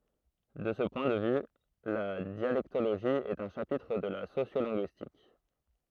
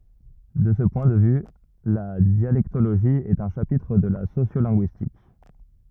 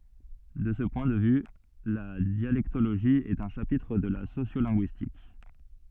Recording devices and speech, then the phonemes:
throat microphone, rigid in-ear microphone, soft in-ear microphone, read sentence
də sə pwɛ̃ də vy la djalɛktoloʒi ɛt œ̃ ʃapitʁ də la sosjolɛ̃ɡyistik

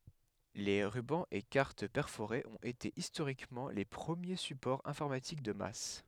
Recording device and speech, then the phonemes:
headset microphone, read sentence
le ʁybɑ̃z e kaʁt pɛʁfoʁez ɔ̃t ete istoʁikmɑ̃ le pʁəmje sypɔʁz ɛ̃fɔʁmatik də mas

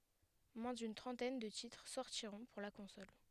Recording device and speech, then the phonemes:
headset microphone, read sentence
mwɛ̃ dyn tʁɑ̃tɛn də titʁ sɔʁtiʁɔ̃ puʁ la kɔ̃sɔl

